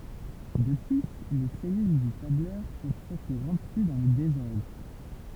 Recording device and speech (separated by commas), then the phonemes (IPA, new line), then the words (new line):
temple vibration pickup, read sentence
də ply le sɛlyl dy tablœʁ pøvt ɛtʁ ʁɑ̃pli dɑ̃ lə dezɔʁdʁ
De plus, les cellules du tableur peuvent être remplies dans le désordre.